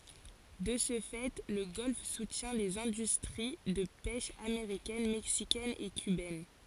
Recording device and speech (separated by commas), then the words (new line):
forehead accelerometer, read sentence
De ce fait, le golfe soutient les industries de pêche américaine, mexicaine et cubaine.